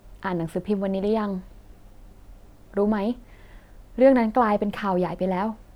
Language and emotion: Thai, neutral